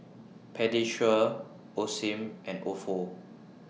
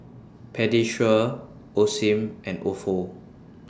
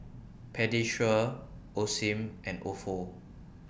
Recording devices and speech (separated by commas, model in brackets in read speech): mobile phone (iPhone 6), standing microphone (AKG C214), boundary microphone (BM630), read sentence